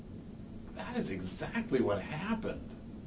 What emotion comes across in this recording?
happy